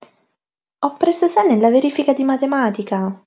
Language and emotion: Italian, surprised